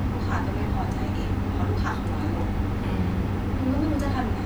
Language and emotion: Thai, frustrated